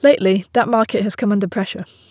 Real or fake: real